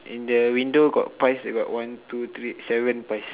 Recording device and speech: telephone, conversation in separate rooms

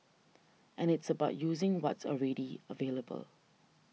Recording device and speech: mobile phone (iPhone 6), read sentence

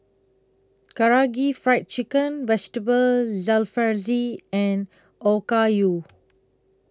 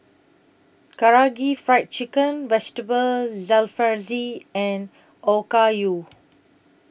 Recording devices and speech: close-talking microphone (WH20), boundary microphone (BM630), read sentence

